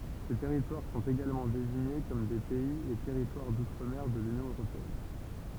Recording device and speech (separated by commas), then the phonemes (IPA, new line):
temple vibration pickup, read sentence
se tɛʁitwaʁ sɔ̃t eɡalmɑ̃ deziɲe kɔm de pɛiz e tɛʁitwaʁ dutʁ mɛʁ də lynjɔ̃ øʁopeɛn